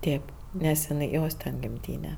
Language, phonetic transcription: Lithuanian, ˈtėp nes iˈnai ˈjos ten gimˈtyne

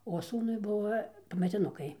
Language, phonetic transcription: Lithuanian, o ˈsūnui ˈbuvo pametiˈnukai

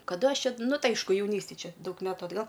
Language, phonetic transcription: Lithuanian, kaˈda ˈaš ˈčia ˈnu ˈtai ˈaišku jauˈnystėj ˈčia ˈdaug ˈmetu atˈgal

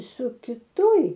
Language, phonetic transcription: Lithuanian, su kiˈtoj

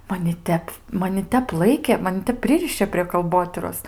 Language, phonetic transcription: Lithuanian, maˈni ˈtep maˈni ˈtep ˈlaikė maˈni ˈtep ˈpririšė prie kalˈbotyros

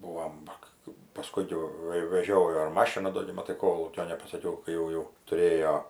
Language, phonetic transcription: Lithuanian, ˈbūvom ˈva ka paˈskun jau ˈva i veˈžiojo ir ˈmašina ˈdo gi maˈtai ˈkolūkio nepasaˈkiau kai ˈjau ˈjau tuˈrėjo

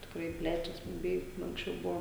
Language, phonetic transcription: Lithuanian, tikˈrai ˈplečias buˈbiai anksˈčiau ˈbuvo

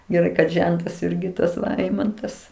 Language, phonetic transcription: Lithuanian, geˈrai kad ˈžentas ˈirgi tas ˈeimantas

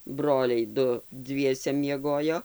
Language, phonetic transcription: Lithuanian, ˈbroliai ˈdu ˈdviese mieˈgojo

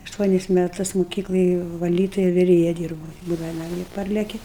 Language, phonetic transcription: Lithuanian, ašˈtuonis meˈtus muˈkykloj vaˈlytuja viˈrėja ˈdyrbūu ˈbūdava naˈmie ˈparleki

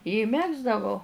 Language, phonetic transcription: Lithuanian, i ˈmegzdavau

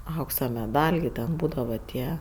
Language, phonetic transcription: Lithuanian, ˈauksa meˈdal' gi ˈten ˈbūdava ˈtie

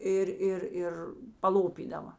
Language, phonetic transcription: Lithuanian, ˈir ˈir ˈir paˈlopydava

